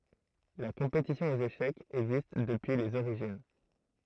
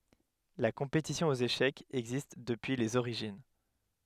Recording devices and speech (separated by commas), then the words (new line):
throat microphone, headset microphone, read sentence
La compétition aux échecs existe depuis les origines.